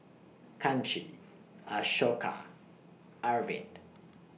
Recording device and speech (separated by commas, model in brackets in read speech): mobile phone (iPhone 6), read sentence